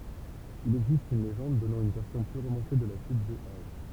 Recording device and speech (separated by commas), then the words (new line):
temple vibration pickup, read sentence
Il existe une légende donnant une version plus romancée de la chute de Hao.